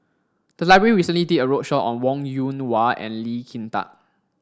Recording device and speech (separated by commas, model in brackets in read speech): standing microphone (AKG C214), read sentence